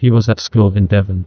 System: TTS, neural waveform model